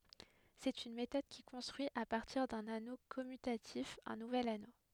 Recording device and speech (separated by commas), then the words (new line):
headset microphone, read sentence
C'est une méthode qui construit à partir d'un anneau commutatif un nouvel anneau.